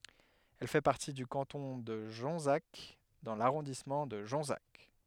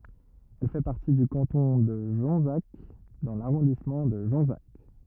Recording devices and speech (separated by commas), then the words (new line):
headset microphone, rigid in-ear microphone, read sentence
Elle fait partie du canton de Jonzac dans l'arrondissement de Jonzac.